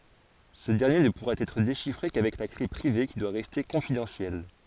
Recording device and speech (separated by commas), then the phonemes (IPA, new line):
forehead accelerometer, read sentence
sə dɛʁnje nə puʁa ɛtʁ deʃifʁe kavɛk la kle pʁive ki dwa ʁɛste kɔ̃fidɑ̃sjɛl